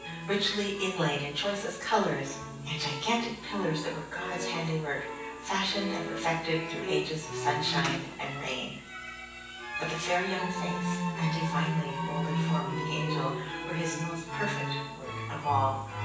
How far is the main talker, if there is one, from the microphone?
9.8 m.